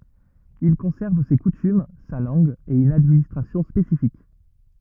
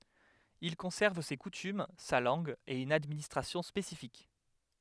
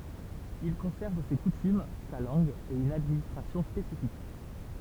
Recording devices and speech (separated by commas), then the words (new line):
rigid in-ear microphone, headset microphone, temple vibration pickup, read sentence
Il conserve ses coutumes, sa langue et une administration spécifique.